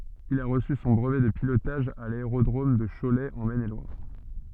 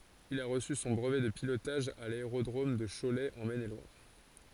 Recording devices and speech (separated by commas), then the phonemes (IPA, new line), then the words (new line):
soft in-ear microphone, forehead accelerometer, read sentence
il a ʁəsy sɔ̃ bʁəvɛ də pilotaʒ a laeʁodʁom də ʃolɛ ɑ̃ mɛn e lwaʁ
Il a reçu son brevet de pilotage à l'aérodrome de Cholet en Maine-et-Loire.